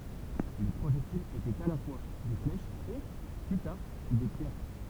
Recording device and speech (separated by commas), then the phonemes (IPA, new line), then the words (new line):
temple vibration pickup, read sentence
le pʁoʒɛktilz etɛt a la fwa de flɛʃz e ply taʁ de pjɛʁ
Les projectiles étaient à la fois des flèches et, plus tard, des pierres.